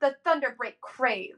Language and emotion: English, angry